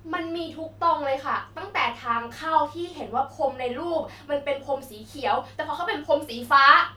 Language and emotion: Thai, angry